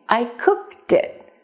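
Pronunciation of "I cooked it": In 'I cooked it', the last consonant of 'cooked' moves to the beginning of 'it', so the two words link together.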